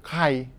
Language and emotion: Thai, neutral